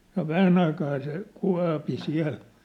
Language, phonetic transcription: Finnish, no "vähän ‿aikaa se , 'kua̭pi 'siä̭l .
- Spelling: no vähän aikaa se kuopi siellä

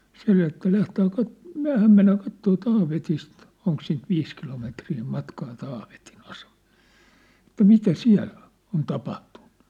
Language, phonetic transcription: Finnish, 'se että » 'lähtää 'kat- , "myä̭häm mennää "kattoo "Taavetist « , 'oŋk siint "viis kilometrii "matkaa 'Taaveti'n ‿aseᴍᴀʟʟᴇ , » että 'mitä "siä̭ll ‿on̬ , on 'tapahtᴜɴɴᴜ . «
- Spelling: se että lähdetään - mehän mennään katsomaan Taavetista onko siitä viisi kilometriä matkaa Taavetin asemalle että mitä siellä on on tapahtunut

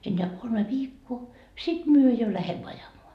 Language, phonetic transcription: Finnish, enneä 'kolme "viikkoo , 'sit 'myö jo 'lähemmö 'ajamoa .
- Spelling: enää kolme viikkoa sitten me jo lähdemme ajamaan

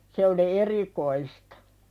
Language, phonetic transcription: Finnish, se oli "erikoistᴀ .
- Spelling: se oli erikoista

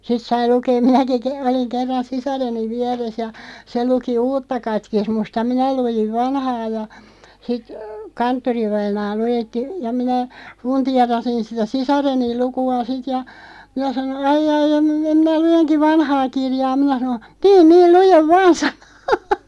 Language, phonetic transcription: Finnish, 'sit sai 'lukeeᵐ 'minäki ke- , oliŋ 'kerran "sisareniᵛ 'viɛres ja , se 'luki "uutta 'katkismust ja "minä 'lujiv "vanhaa ja , sit , 'kanttorivainaa 'lujetti , ja 'minä , 'funtiarasin sitä "sisareniˡ 'luku₍a 'sit ja , 'minä sanon̬ , » 'ai'ʲ ‿ai em mi- , 'mi(n)ä 'lujeŋki "vanhaa 'kirjaa” 'minä sano , » "teen 'niil 'lujev "vaan « sᵃno .
- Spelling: sitten sai lukea minäkin - olin kerran sisareni vieressä ja se luki uutta katekismusta ja minä luin vanhaa ja sitten kanttorivainaa luetti ja minä fundeerasin sitä sisareni lukua sitten ja minä sanoin ai ai en - minä luenkin vanhaa kirjaa” minä sanoin tee niin lue vain sanoi

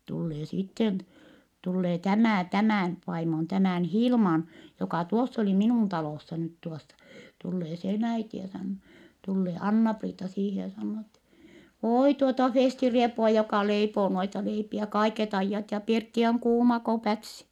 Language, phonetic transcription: Finnish, tullee sitten , tullee tämä̀ , tämä̀n , vaimon tämä̀n Hilman , jokà tuoss ‿oli minùn talòssa nyt tuossa , tullee sen äiti ja sannoo , tullee Anna-Priita siihe ja sannoo ettɛ , » òi tuota Fèsti-riepua joka leipoo noita leipiä kaiket ‿aijjat ja pirtti oŋ kuuma ko pätsi » .
- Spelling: tulee sitten tulee tämä tämän vaimon tämän Hilman joka tuossa oli minun talossa nyt tuossa tulee sen äiti ja sanoo tulee Anna-Priita siihen ja sanoo että oi tuota Festi-riepua joka leipoo noita leipiä kaiket ajat ja pirtti on kuuma kuin pätsi

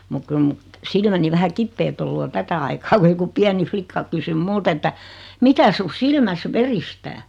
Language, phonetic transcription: Finnish, muk 'kyl mu , 'silmäni vähä 'kippeet ‿ollu o 'tätä aikaa ku joku 'piäni "flikka kysym 'mult ‿että , » 'mikä su 'silmäs "veristää ? «
- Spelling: mutta kyllä minun silmäni vähän kipeät ollut on tätä aikaa kun joku pieni likka kysyi minulta että mikä sinun silmässä veristää

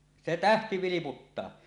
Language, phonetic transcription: Finnish, se "tähti 'viliputtaa .
- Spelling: se tähti vilputtaa

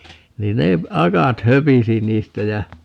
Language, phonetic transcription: Finnish, 'niin ne , "akat 'höpisi niistä jä ,.
- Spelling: niin ne akat höpisi niistä ja

